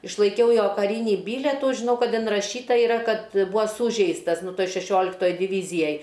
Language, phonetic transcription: Lithuanian, išlaiˈkiau ˈjo kaˈrynį ˈbyletų žiˈnau ˈkad inraˈšyta yˈra ˈkad ˈbūa ˈsūžeistas ˈnu ˈtoj šeˈšioliktoj diˈvyzijaj

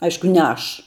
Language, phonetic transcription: Lithuanian, ˈaišku ne ˈaš

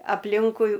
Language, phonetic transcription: Lithuanian, apˈlinkui

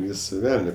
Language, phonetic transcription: Lithuanian, ˈvysa ˈvelne

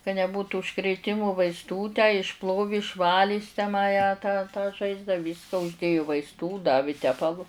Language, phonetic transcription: Lithuanian, ka neˈbūtu užkrėˈtimu vaisˈtų tę išˈplovi išˈvali jis tę ma ją tą tą ˈžaizdą ˈvyska uždėju vaisˈtų ˈdavi ˈtepalu

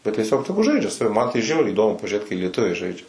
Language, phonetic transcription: Lithuanian, bet tieˈsiog ˈtegu ˈžaidžia saˈvi man tai ˈžiauriai įˈdomu pažiuˈrėt kai lieˈtuviai ˈžaidžia

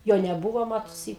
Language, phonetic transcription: Lithuanian, ˈjo neˈbūvo ˈmatusi

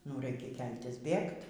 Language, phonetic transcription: Lithuanian, nu ˈraikia ˈkeltis ˈbėgt

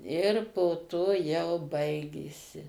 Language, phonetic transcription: Lithuanian, ir po ˈto jau ˈbaigėsi

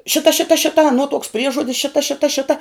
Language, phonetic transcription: Lithuanian, ˈšita ˈšita ˈšita aˈnuo tuoks ˈpriežuodis ˈšita ˈšita ˈšita

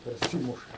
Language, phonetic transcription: Lithuanian, perˈsymuša

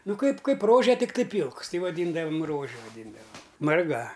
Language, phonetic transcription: Lithuanian, ˈnu ˈkaip ˈkaip ˈrože tikˈtai ˈpylks ˈti vaˈdyndavam ˈrože vaˈdindavam marˈga

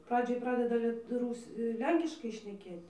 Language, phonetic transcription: Lithuanian, ˈpradžioj ˈpradeda ˈliet ˈrūs' ˈlenkiškai šneˈkėt'

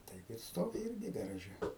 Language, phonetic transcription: Lithuanian, ˈtaip ir ˈstovi ˈirgi garaˈže

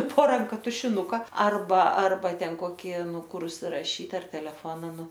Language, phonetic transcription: Lithuanian, po ˈranka tušiˈnuka arˈba ˈarba ˈten ˈkoki ˈnu ˈkur užsiraˈšyt ˈar teleˈfona ˈnu

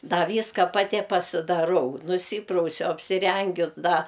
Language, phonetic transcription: Lithuanian, ˈda ˈvyska paˈti pasidaˈrau nuˈsyprausiu apsiˈrengiu ˈda

